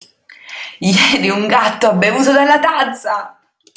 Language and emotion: Italian, happy